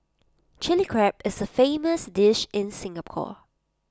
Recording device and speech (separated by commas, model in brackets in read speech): close-talking microphone (WH20), read sentence